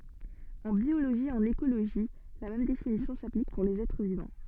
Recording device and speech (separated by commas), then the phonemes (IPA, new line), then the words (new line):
soft in-ear microphone, read sentence
ɑ̃ bjoloʒi e ɑ̃n ekoloʒi la mɛm definisjɔ̃ saplik puʁ lez ɛtʁ vivɑ̃
En biologie et en écologie la même définition s'applique pour les êtres vivants.